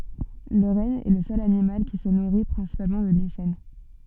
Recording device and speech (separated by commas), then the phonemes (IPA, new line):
soft in-ear microphone, read sentence
lə ʁɛn ɛ lə sœl animal ki sə nuʁi pʁɛ̃sipalmɑ̃ də liʃɛn